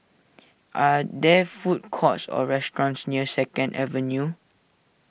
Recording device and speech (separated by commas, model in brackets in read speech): boundary microphone (BM630), read sentence